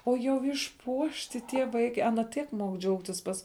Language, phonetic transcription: Lithuanian, o jau išˈpuošti tie ˈvaike ˈana ˈtiek muok ˈdžiaugtis ˈpas

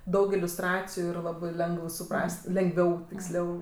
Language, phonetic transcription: Lithuanian, ˈdaug iliusˈtraciju ir ˈlabɜ ˈlengəv suˈpras't' lengˈviau tiksˈliau

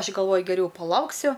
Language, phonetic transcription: Lithuanian, ˈaš' galˈvoju geˈriau paˈlauksiu

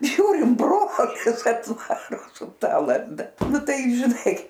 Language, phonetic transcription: Lithuanian, ˈžiūrim ˈbrolis atˈvaro su ˈta lazˈda ˈnu ˈtai žiˈnai

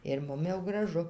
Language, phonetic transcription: Lithuanian, ir ˈmum jau graˈžu

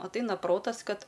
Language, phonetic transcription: Lithuanian, atˈaina ˈprotas ˈkad

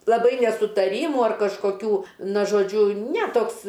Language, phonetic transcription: Lithuanian, laˈbai nesutaˈrymu ar kažkoˈkių ˈna žoˈdžiu ne ˈtoks

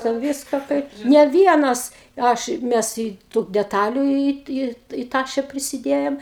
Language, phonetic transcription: Lithuanian, ten ˈvyska ˈkaip ne ˈvienas ˈaš ˈmes į tų deˈtaliu į į į ˈtaše prisiˈdėjom

